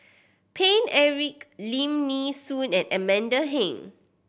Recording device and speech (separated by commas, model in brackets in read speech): boundary microphone (BM630), read sentence